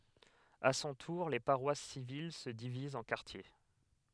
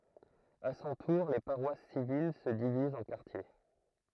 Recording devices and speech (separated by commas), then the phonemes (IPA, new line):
headset microphone, throat microphone, read sentence
a sɔ̃ tuʁ le paʁwas sivil sə divizt ɑ̃ kaʁtje